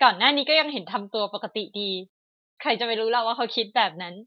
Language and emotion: Thai, happy